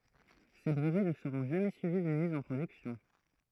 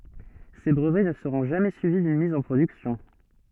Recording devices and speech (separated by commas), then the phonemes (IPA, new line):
throat microphone, soft in-ear microphone, read sentence
se bʁəvɛ nə səʁɔ̃ ʒamɛ syivi dyn miz ɑ̃ pʁodyksjɔ̃